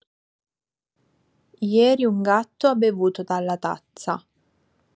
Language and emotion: Italian, neutral